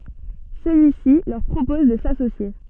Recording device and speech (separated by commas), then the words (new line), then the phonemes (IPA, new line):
soft in-ear microphone, read sentence
Celui-ci leur propose de s'associer.
səlyisi lœʁ pʁopɔz də sasosje